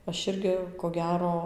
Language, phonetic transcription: Lithuanian, ˈaš ˈirgi ko ˈgero

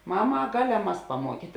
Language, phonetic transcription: Lithuanian, ˈmaˌma a ˈgaˌlem mas paˈmuokyt'

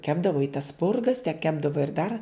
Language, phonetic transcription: Lithuanian, ˈkepdavo i tas ˈspurgas tep ˈkepdavo ir dar

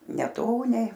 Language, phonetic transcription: Lithuanian, neˈtoniai

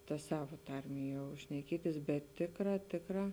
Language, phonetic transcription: Lithuanian, ta ˈsava ˈtarmė jau šneˈkietis bet ˈtėkˌrā ˈtėkˌrā

